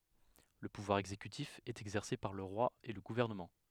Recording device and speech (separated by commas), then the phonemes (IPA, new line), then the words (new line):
headset microphone, read sentence
lə puvwaʁ ɛɡzekytif ɛt ɛɡzɛʁse paʁ lə ʁwa e lə ɡuvɛʁnəmɑ̃
Le pouvoir exécutif est exercé par le Roi et le gouvernement.